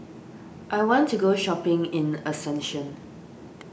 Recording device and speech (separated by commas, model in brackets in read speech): boundary microphone (BM630), read sentence